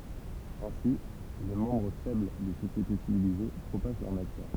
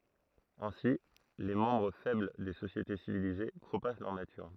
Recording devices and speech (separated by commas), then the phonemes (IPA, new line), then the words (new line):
temple vibration pickup, throat microphone, read sentence
ɛ̃si le mɑ̃bʁ fɛbl de sosjete sivilize pʁopaʒ lœʁ natyʁ
Ainsi, les membres faibles des sociétés civilisées propagent leur nature.